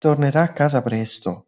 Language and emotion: Italian, surprised